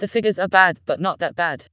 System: TTS, vocoder